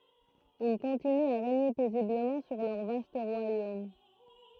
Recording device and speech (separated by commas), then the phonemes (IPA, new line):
throat microphone, read sentence
il kɔ̃tinyt a ʁeɲe pɛzibləmɑ̃ syʁ lœʁ vast ʁwajom